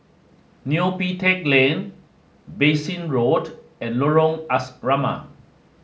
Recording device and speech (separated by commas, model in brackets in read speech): mobile phone (Samsung S8), read sentence